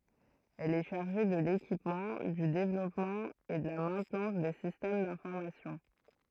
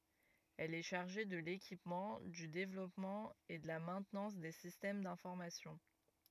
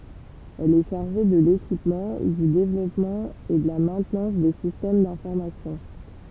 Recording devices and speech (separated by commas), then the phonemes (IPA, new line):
throat microphone, rigid in-ear microphone, temple vibration pickup, read sentence
ɛl ɛ ʃaʁʒe də lekipmɑ̃ dy devlɔpmɑ̃ e də la mɛ̃tnɑ̃s de sistɛm dɛ̃fɔʁmasjɔ̃